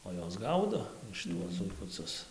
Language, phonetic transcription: Lithuanian, o ˈjos ˈgaudo šiˈtuos zuikuˈcus

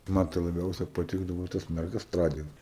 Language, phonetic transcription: Lithuanian, ˈman tai laˈbiausia paˈtikdavo tas merˈgas ˈtragint

